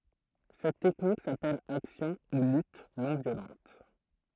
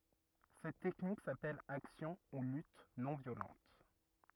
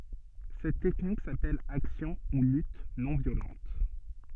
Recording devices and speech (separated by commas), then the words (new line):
throat microphone, rigid in-ear microphone, soft in-ear microphone, read sentence
Cette technique s’appelle action ou lutte non violente.